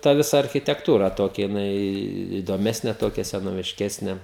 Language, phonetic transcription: Lithuanian, ta ˈvisa architekˈtūra ˈtokia jiˈnai įdoˈmesnė ˈtokia senovišˈkesnė

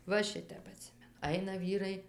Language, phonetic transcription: Lithuanian, va ˈšitep aˈtsimenu ˈaina ˈvyrai

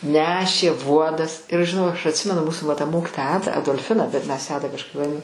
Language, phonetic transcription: Lithuanian, ˈnešė ˈvuodas ir aš žiˈnau aš atˈsimenu ˈmūsu va ta ˈmokitoja ˈada adolˈfina bet mes ją ˈada kažˈkaip vaˈdi

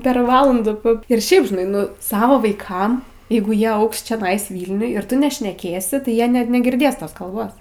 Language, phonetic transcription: Lithuanian, per ˈvalandu p ir ˈšiaip žiˈnai ˈnu ˈsavo vaiˈkam ˈjeigu ˈjie ˈaugs čiaˈnais ˈvylniuj ir ˈtu nešneˈkėsi tai ˈjie ne negirˈdės ˈtos kalˈbos

